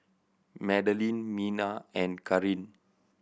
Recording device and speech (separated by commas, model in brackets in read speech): boundary microphone (BM630), read sentence